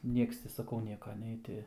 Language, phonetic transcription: Lithuanian, ˈnieks ti saˈkau ˈnieka ˈnei ti

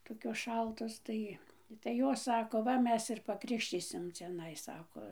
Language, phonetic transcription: Lithuanian, toˈkios ˈšaltos ˈtai tai ˈjos ˈsako ˈva ˈmes ir pakrikšˈtysim ciaˈnai ˈsako

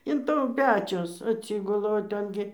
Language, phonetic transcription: Lithuanian, in ˈtų ˈpečius atˈsygula o ˈten gi

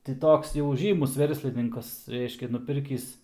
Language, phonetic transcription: Lithuanian, ti ˈtoks jau ˈžymus ˈverslininkas ˈreiškia nuˈpirkįs

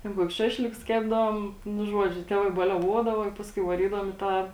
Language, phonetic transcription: Lithuanian, ˈten ˈkuokius ˈšašlikus ˈkepdavom ˈnu ˈžuodžiu ˈtevai baliaˈvuodava i ˈpaskui vaˈrydavom i ˈtą

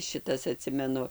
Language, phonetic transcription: Lithuanian, ˈšitas aˈtsimenu

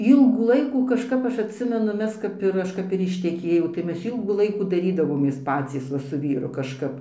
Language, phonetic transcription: Lithuanian, ˈylgų ˈlaikų kažˈkap ˈaš atˈsimenu ˈmes kap ir ˈaš kap ir išteˈkėjau tai ˈmes ˈylgų ˈlaikų daˈrydavomės ˈpacys ˈva su ˈvyru kažˈkap

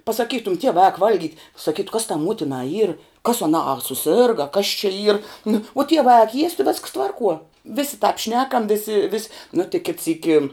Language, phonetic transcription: Lithuanian, pasaˈkytum ˈtievā ak ˈvalˌgyt' saˈkytu kas tā ˈmuotinā yr kas aˈnā a suˈsėrga a kas čia yr nu o ˈtievā ak ˈjiest' vesks ˈtvarˌkuo ˈvisi tāp ˈšnekam ˈvisi vis' nu tik kit ˈsyki

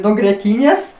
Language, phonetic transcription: Lithuanian, nuo grieˈtynės

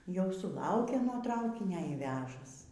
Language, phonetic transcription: Lithuanian, ˈjau suˈlaukė nuo ˈtraukinio y ˈvežas

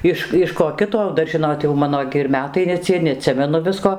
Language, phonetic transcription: Lithuanian, ˈiš iš ko ˈkito ˈdar ˈžinot jau ˈmano gi ir ˈmetai ne ˈcie neaˈtsimenu ˈvisko

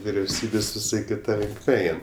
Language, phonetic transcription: Lithuanian, viriauˈsybės' viˈsai kiˈta linkˈme ˈein

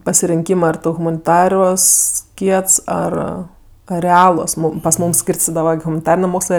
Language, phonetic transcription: Lithuanian, pasirinˈkymɜ ar ˈtu humaniˈtaruos ˈkiets ˈar a reˈaluos ˈmūm pas ˈmūm ˈskyrstidava ar humaniˈtarinė ˈmokslɜ

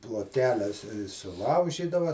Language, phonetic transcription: Lithuanian, plotˈkeles suˈlaužydava

